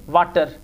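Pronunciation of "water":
'water' is pronounced incorrectly here: it starts with a V sound instead of a W sound.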